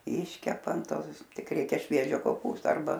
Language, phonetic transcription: Lithuanian, ˈiškepa an ˈtos ˈkiek ˈreikia ˈšviežio koˈpūsto arˈba

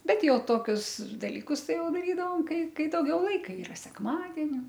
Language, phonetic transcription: Lithuanian, ˈbet ˈjau ˈtokius dalyˈkus ˈtai ˈjau daˈrydavom ˈkai ˈkai dauˈgiau ˈlaika ˈyra sekˈmadeni

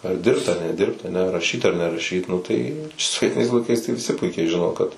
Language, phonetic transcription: Lithuanian, ar ˈdirbt ar neˈdirbt aˈne raˈšyt ar neraˈšyt ˈnu tai sovieˈtinais laiˈkais tai viˈsi ˈpuikiai ˈžino kad

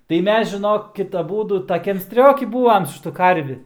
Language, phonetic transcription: Lithuanian, tai ˈmes žiˈnokit aˈbūdu taˈkiam ˈstrioki ˈbūam su ˈšitu ˈkarvi

